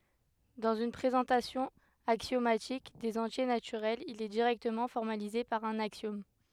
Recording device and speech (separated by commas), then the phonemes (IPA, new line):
headset microphone, read sentence
dɑ̃z yn pʁezɑ̃tasjɔ̃ aksjomatik dez ɑ̃tje natyʁɛlz il ɛ diʁɛktəmɑ̃ fɔʁmalize paʁ œ̃n aksjɔm